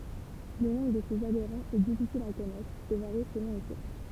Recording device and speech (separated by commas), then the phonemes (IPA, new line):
temple vibration pickup, read sentence
lə nɔ̃bʁ də sez adeʁɑ̃z ɛ difisil a kɔnɛtʁ e vaʁi səlɔ̃ le suʁs